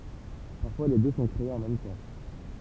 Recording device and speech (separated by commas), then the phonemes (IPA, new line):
temple vibration pickup, read sentence
paʁfwa le dø sɔ̃ kʁeez ɑ̃ mɛm tɑ̃